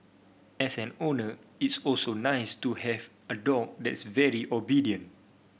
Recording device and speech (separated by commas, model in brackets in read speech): boundary microphone (BM630), read sentence